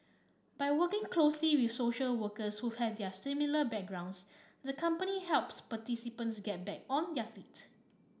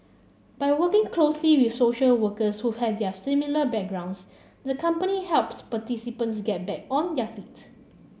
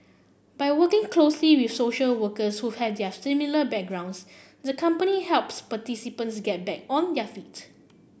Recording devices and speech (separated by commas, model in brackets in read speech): standing microphone (AKG C214), mobile phone (Samsung C7), boundary microphone (BM630), read sentence